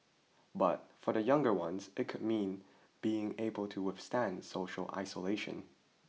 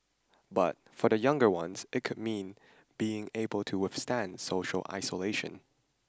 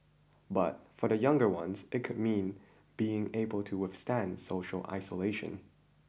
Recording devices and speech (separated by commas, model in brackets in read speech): mobile phone (iPhone 6), standing microphone (AKG C214), boundary microphone (BM630), read sentence